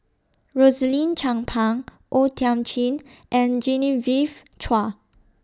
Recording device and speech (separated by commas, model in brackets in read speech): standing microphone (AKG C214), read sentence